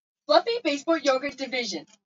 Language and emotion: English, neutral